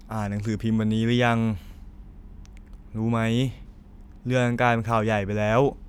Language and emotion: Thai, frustrated